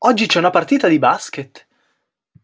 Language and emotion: Italian, surprised